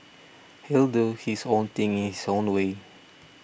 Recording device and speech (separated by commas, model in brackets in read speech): boundary microphone (BM630), read sentence